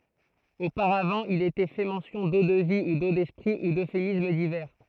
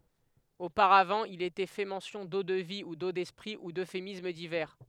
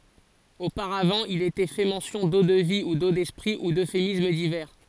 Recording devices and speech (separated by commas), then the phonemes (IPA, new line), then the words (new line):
throat microphone, headset microphone, forehead accelerometer, read sentence
opaʁavɑ̃ il etɛ fɛ mɑ̃sjɔ̃ do də vi u do dɛspʁi u døfemism divɛʁ
Auparavant, il était fait mention d'eau-de-vie, ou d'eau d'esprit, ou d'euphémismes divers.